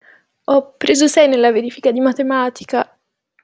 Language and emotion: Italian, sad